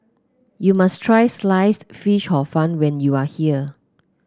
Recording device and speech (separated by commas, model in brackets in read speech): close-talking microphone (WH30), read sentence